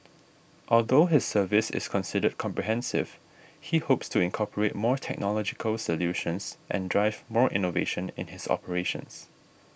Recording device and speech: boundary microphone (BM630), read sentence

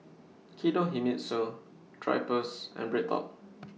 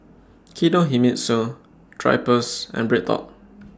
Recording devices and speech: mobile phone (iPhone 6), standing microphone (AKG C214), read sentence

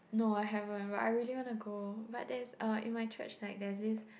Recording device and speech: boundary microphone, conversation in the same room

